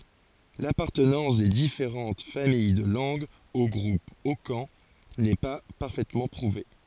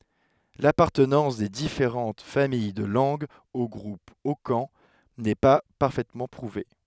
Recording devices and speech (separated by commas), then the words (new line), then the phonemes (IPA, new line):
forehead accelerometer, headset microphone, read sentence
L'appartenance des différentes familles de langues au groupe hokan n'est pas parfaitement prouvée.
lapaʁtənɑ̃s de difeʁɑ̃t famij də lɑ̃ɡz o ɡʁup okɑ̃ nɛ pa paʁfɛtmɑ̃ pʁuve